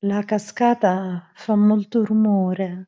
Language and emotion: Italian, fearful